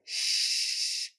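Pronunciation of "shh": This is an attempt at the S sound done wrong: it comes out sounding like 'shh' instead of an S.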